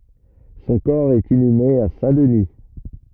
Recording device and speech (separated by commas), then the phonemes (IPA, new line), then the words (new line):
rigid in-ear microphone, read sentence
sɔ̃ kɔʁ ɛt inyme a sɛ̃dəni
Son corps est inhumé à Saint-Denis.